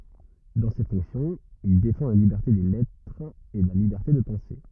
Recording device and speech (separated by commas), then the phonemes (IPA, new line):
rigid in-ear microphone, read sentence
dɑ̃ se fɔ̃ksjɔ̃z il defɑ̃ la libɛʁte de lɛtʁz e la libɛʁte də pɑ̃se